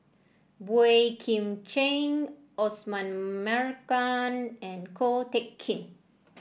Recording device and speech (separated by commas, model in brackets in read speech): boundary microphone (BM630), read sentence